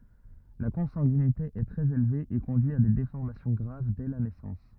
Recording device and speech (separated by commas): rigid in-ear microphone, read sentence